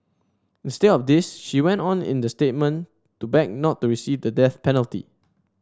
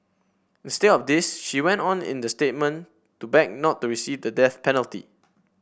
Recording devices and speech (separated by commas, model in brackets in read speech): standing microphone (AKG C214), boundary microphone (BM630), read sentence